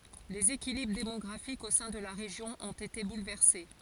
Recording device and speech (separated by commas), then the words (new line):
forehead accelerometer, read sentence
Les équilibres démographiques au sein de la région ont été bouleversés.